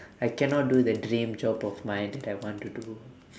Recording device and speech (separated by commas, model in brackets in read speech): standing microphone, conversation in separate rooms